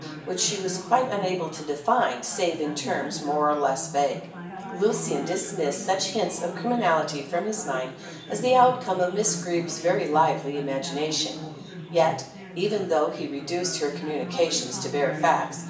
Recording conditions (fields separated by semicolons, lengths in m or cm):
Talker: one person; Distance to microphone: 1.8 m; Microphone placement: close; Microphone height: 1.0 m; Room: large; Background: babble